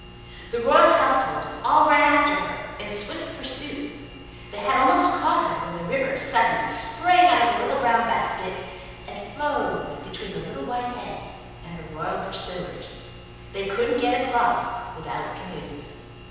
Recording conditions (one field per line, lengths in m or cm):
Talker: one person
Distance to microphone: 7.1 m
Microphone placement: far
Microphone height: 1.7 m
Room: very reverberant, large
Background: none